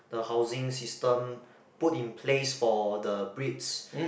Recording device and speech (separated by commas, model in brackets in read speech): boundary microphone, conversation in the same room